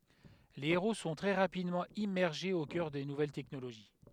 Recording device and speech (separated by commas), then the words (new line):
headset microphone, read sentence
Les héros sont très rapidement immergés aux cœurs des nouvelles technologies.